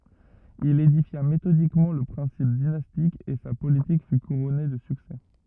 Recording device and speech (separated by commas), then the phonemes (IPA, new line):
rigid in-ear microphone, read sentence
il edifja metodikmɑ̃ lə pʁɛ̃sip dinastik e sa politik fy kuʁɔne də syksɛ